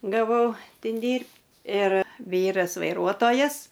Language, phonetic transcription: Lithuanian, gaˈvau ˈtin ˈdyrb' ir ˈvyras vaiˈruotojas

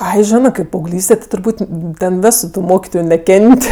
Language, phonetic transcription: Lithuanian, ˈai ˈžinɜ kaip paauˈglyste ti turˈbūt' ˈten ˈvesu tu ˈmokitoju neˈken't'

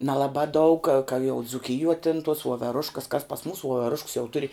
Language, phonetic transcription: Lithuanian, nelaˈbā daug ka jau dzuˈkijuo tin tuos vuoveˈruškas kas pas ˈmūs vuoveˈrušks jau ˈturi

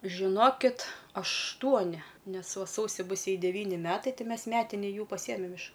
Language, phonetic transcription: Lithuanian, žiˈnokit ašˈtuoni ˈnes ˈva ˈsausi ˈbus ˈjai deˈvyni ˈmetai ˈtai ˈmes ˈmetini ˈjų paˈsiemem iš

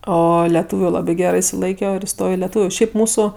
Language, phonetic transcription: Lithuanian, ˈo leˈtuviu ˈlabi ˈgerɜ išsiˈlaikio ir iˈstojo i leˈtūviu ˈšiaip ˈmūsu

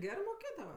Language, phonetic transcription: Lithuanian, ˈgerɜ moˈkėdava

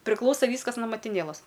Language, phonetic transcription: Lithuanian, priˈklausa ˈvyskas no matiˈnėlas

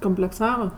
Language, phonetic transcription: Lithuanian, komplekˈsava

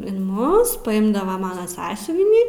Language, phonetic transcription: Lithuanian, in ˈmus paˈimdava ˈmana ˈsąsiuvinį

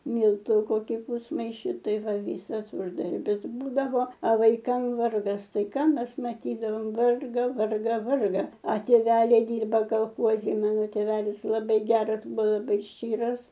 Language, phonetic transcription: Lithuanian, ˈmyltų ˈkoki ˈpūsmaiši ˈtai ˈva ˈvysas ˈuždarbis ˈbūdavo a vaiˈkam ˈvargas ˈtai ˈką ˈmes maˈtydavom ˈvarga ˈvarga ˈvarga a tėˈveliai ˈdirba kalˈchozi ˈmano tėˈvelis laˈbai ˈgeras ˈbu laˈbai ˈščyras

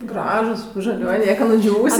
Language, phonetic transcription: Lithuanian, ˈgražus žaˈliuoj ˈnieka nuˈdžiūvusia

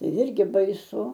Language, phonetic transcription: Lithuanian, ˈjirgi baiˈsu

